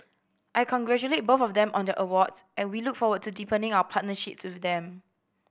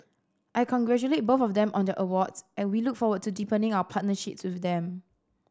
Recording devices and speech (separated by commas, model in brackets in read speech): boundary microphone (BM630), standing microphone (AKG C214), read sentence